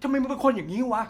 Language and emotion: Thai, angry